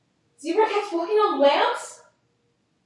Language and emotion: English, fearful